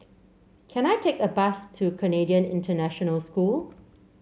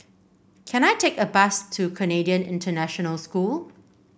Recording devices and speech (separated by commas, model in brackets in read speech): mobile phone (Samsung C7), boundary microphone (BM630), read sentence